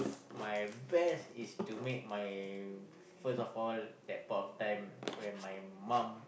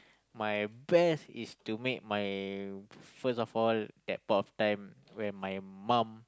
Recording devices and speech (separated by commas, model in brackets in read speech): boundary microphone, close-talking microphone, conversation in the same room